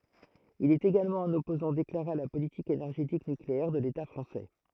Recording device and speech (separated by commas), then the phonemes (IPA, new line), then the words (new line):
throat microphone, read sentence
il ɛt eɡalmɑ̃ œ̃n ɔpozɑ̃ deklaʁe a la politik enɛʁʒetik nykleɛʁ də leta fʁɑ̃sɛ
Il est également un opposant déclaré à la politique énergétique nucléaire de l'État français.